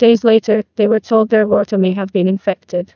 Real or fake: fake